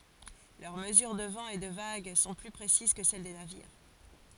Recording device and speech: forehead accelerometer, read sentence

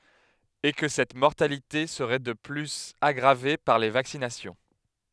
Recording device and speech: headset microphone, read sentence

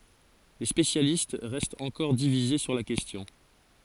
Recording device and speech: forehead accelerometer, read sentence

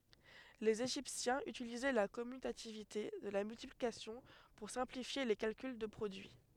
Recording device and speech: headset microphone, read sentence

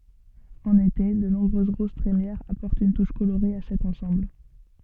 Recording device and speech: soft in-ear microphone, read sentence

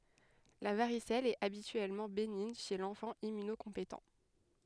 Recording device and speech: headset microphone, read sentence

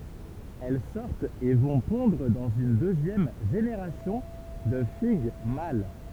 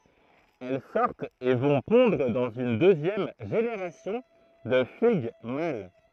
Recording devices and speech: temple vibration pickup, throat microphone, read sentence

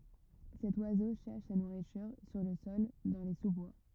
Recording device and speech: rigid in-ear microphone, read sentence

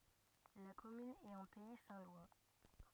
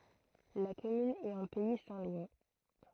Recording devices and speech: rigid in-ear microphone, throat microphone, read sentence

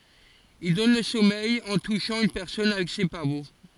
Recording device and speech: forehead accelerometer, read sentence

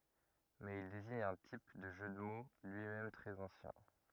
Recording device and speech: rigid in-ear microphone, read sentence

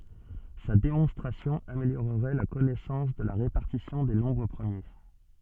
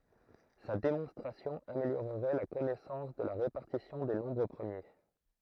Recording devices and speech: soft in-ear microphone, throat microphone, read sentence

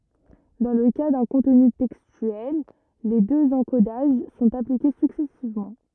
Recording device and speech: rigid in-ear microphone, read sentence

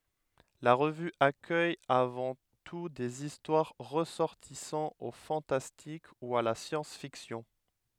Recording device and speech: headset microphone, read sentence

